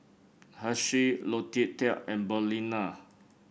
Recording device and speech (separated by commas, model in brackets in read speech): boundary microphone (BM630), read sentence